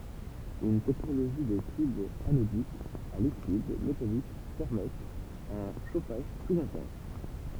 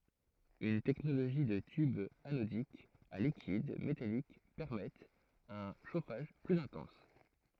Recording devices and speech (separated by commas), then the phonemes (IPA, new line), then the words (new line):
temple vibration pickup, throat microphone, read sentence
yn tɛknoloʒi də tybz anodikz a likid metalik pɛʁmɛtt œ̃ ʃofaʒ plyz ɛ̃tɑ̃s
Une technologie de tubes anodiques à liquide métalliques permettent un chauffage plus intense.